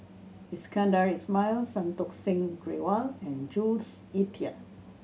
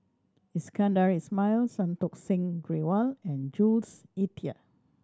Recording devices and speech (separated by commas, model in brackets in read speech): mobile phone (Samsung C7100), standing microphone (AKG C214), read sentence